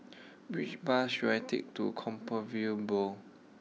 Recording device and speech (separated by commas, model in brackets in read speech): mobile phone (iPhone 6), read sentence